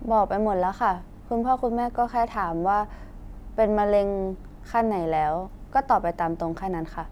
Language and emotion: Thai, frustrated